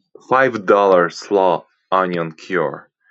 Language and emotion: English, disgusted